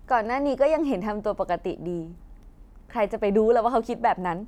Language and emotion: Thai, happy